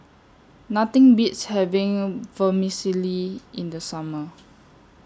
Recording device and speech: standing microphone (AKG C214), read sentence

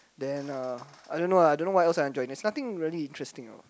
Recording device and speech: close-talking microphone, conversation in the same room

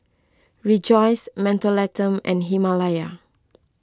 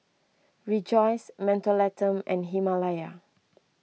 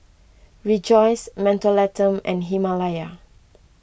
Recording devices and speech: close-talking microphone (WH20), mobile phone (iPhone 6), boundary microphone (BM630), read sentence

